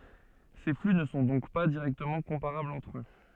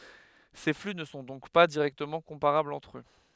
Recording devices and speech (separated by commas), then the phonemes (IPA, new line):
soft in-ear microphone, headset microphone, read sentence
se fly nə sɔ̃ dɔ̃k pa diʁɛktəmɑ̃ kɔ̃paʁablz ɑ̃tʁ ø